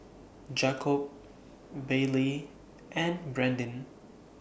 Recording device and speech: boundary microphone (BM630), read sentence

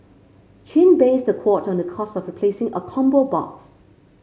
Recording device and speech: mobile phone (Samsung C5), read sentence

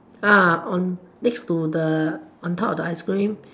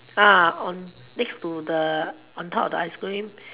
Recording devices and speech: standing microphone, telephone, conversation in separate rooms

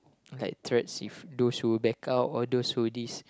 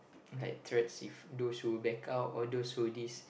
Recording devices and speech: close-talking microphone, boundary microphone, conversation in the same room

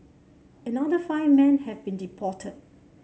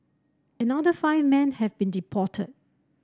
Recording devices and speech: mobile phone (Samsung C7), standing microphone (AKG C214), read sentence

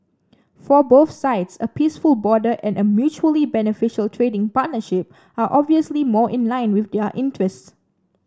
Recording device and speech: standing microphone (AKG C214), read sentence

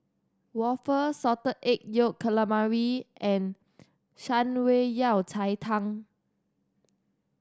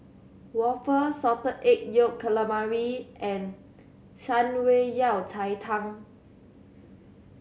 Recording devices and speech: standing microphone (AKG C214), mobile phone (Samsung C7100), read sentence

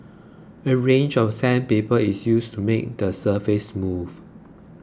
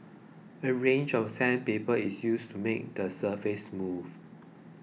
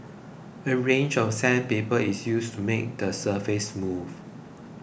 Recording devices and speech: close-talking microphone (WH20), mobile phone (iPhone 6), boundary microphone (BM630), read sentence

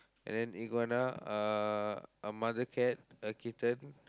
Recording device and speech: close-talking microphone, conversation in the same room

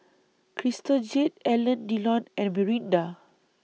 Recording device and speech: mobile phone (iPhone 6), read sentence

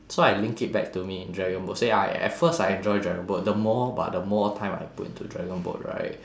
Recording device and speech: standing microphone, conversation in separate rooms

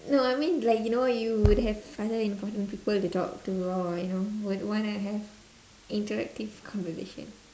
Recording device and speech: standing microphone, conversation in separate rooms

